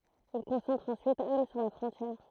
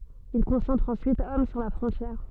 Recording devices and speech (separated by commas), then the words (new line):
throat microphone, soft in-ear microphone, read sentence
Ils concentrent ensuite hommes sur la frontière.